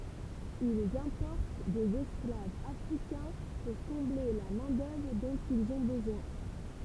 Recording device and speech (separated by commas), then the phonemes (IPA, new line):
temple vibration pickup, read sentence
ilz ɛ̃pɔʁt dez ɛsklavz afʁikɛ̃ puʁ kɔ̃ble la mɛ̃ dœvʁ dɔ̃t ilz ɔ̃ bəzwɛ̃